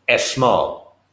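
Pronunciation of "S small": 'Small' is pronounced incorrectly here, with a vowel sound added in front of the s.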